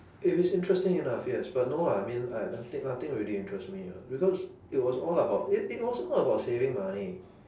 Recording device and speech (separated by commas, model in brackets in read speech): standing microphone, conversation in separate rooms